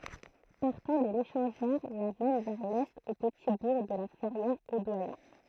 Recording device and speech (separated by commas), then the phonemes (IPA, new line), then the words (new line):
throat microphone, read sentence
paʁtɑ̃ də leʃɑ̃ʒœʁ la mɛn vɛʁ lɛt o pəti buʁ də la fɛʁjɛʁ o dwajɛ̃
Partant de l'échangeur, la mène vers l'est au petit bourg de La Ferrière-au-Doyen.